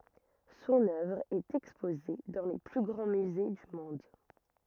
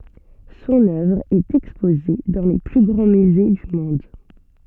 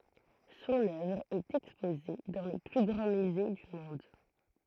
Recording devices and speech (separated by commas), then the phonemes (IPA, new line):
rigid in-ear microphone, soft in-ear microphone, throat microphone, read sentence
sɔ̃n œvʁ ɛt ɛkspoze dɑ̃ le ply ɡʁɑ̃ myze dy mɔ̃d